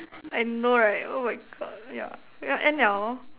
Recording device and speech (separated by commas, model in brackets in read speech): telephone, conversation in separate rooms